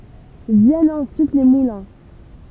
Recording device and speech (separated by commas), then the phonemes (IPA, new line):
temple vibration pickup, read sentence
vjɛnt ɑ̃syit le mulɛ̃